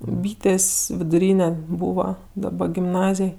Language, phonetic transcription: Lithuanian, ˈbytės' viduˈryne ˈbūva daˈba gimˈnazėj

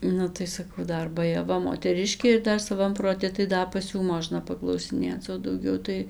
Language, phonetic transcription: Lithuanian, ˈnu tai saˈkau ˈdar bajaˈva moteˈriškė ir ˈdar saˈvam proˈti tai ˈda pas ˈjų ˈmožna paklausiˈnėc o dauˈgiau tai

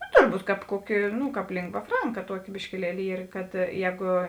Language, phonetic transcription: Lithuanian, nu turˈbūt ˈkāp ˈkuoˌki ˈnu ˈkāp ˈlingva ˈfranka ˈtuoˌki biškiˈlieli ˈyr kad ˈjēgu

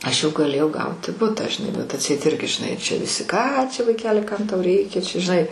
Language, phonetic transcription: Lithuanian, ˈaš jau gaˈlėjau ˈgauti ˈbutą žiˈnai bet atˈseit ˈirgi žiˈnai ˈčia viˈsi ˈką čia vaiˈkeli ˈkam ˈtau ˈreikia čia žiˈnai

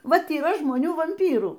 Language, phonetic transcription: Lithuanian, ˈvat yˈra žmoˈnių vamˈpyrų

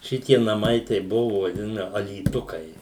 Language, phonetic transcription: Lithuanian, ˈšitie naˈmai tai ˈbuvo vaˈdina alyˈtukai

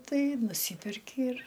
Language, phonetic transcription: Lithuanian, ˈtai nuˈsyperki ir

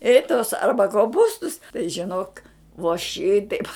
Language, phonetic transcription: Lithuanian, i tos ˈarba koˈpūstus tai žiˈnok vo ˈšitaip

